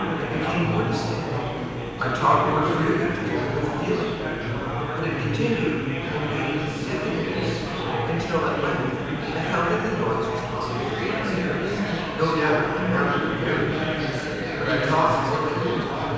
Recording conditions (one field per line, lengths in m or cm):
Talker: one person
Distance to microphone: 7.1 m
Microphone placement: far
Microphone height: 1.7 m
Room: very reverberant, large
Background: babble